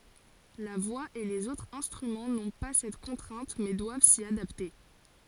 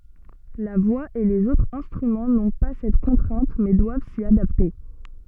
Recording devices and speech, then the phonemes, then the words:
forehead accelerometer, soft in-ear microphone, read sentence
la vwa e lez otʁz ɛ̃stʁymɑ̃ nɔ̃ pa sɛt kɔ̃tʁɛ̃t mɛ dwav si adapte
La voix et les autres instruments n'ont pas cette contrainte mais doivent s'y adapter.

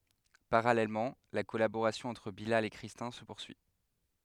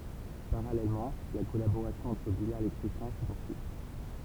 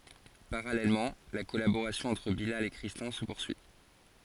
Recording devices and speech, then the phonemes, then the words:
headset microphone, temple vibration pickup, forehead accelerometer, read sentence
paʁalɛlmɑ̃ la kɔlaboʁasjɔ̃ ɑ̃tʁ bilal e kʁistɛ̃ sə puʁsyi
Parallèlement, la collaboration entre Bilal et Christin se poursuit.

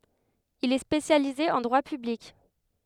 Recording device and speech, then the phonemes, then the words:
headset microphone, read sentence
il ɛ spesjalize ɑ̃ dʁwa pyblik
Il est spécialisé en droit public.

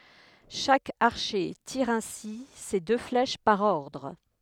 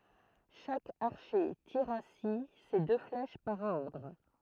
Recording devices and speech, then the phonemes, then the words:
headset microphone, throat microphone, read sentence
ʃak aʁʃe tiʁ ɛ̃si se dø flɛʃ paʁ ɔʁdʁ
Chaque archer tire ainsi ses deux flèches par ordre.

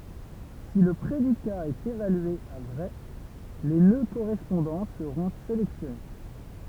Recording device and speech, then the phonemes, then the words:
temple vibration pickup, read sentence
si lə pʁedika ɛt evalye a vʁɛ le nø koʁɛspɔ̃dɑ̃ səʁɔ̃ selɛksjɔne
Si le prédicat est évalué à vrai, les nœuds correspondants seront sélectionnés.

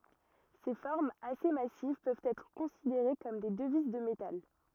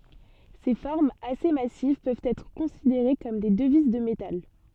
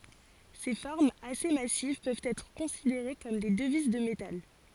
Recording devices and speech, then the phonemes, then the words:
rigid in-ear microphone, soft in-ear microphone, forehead accelerometer, read sentence
se fɔʁmz ase masiv pøvt ɛtʁ kɔ̃sideʁe kɔm de dəviz də metal
Ces formes assez massives peuvent être considérées comme des devises de métal.

